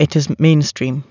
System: none